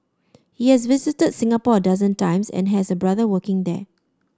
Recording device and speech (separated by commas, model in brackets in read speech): standing microphone (AKG C214), read sentence